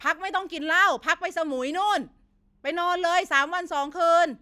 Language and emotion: Thai, angry